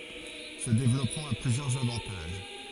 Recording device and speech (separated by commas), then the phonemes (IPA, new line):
forehead accelerometer, read sentence
sə devlɔpmɑ̃ a plyzjœʁz avɑ̃taʒ